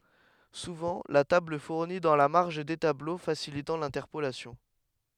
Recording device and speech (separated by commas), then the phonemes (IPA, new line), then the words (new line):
headset microphone, read sentence
suvɑ̃ la tabl fuʁni dɑ̃ la maʁʒ de tablo fasilitɑ̃ lɛ̃tɛʁpolasjɔ̃
Souvent la table fournit dans la marge des tableaux facilitant l'interpolation.